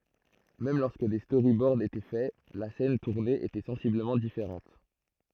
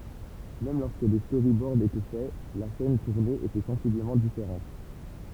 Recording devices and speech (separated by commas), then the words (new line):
throat microphone, temple vibration pickup, read sentence
Même lorsque des storyboards étaient faits, la scène tournée était sensiblement différente.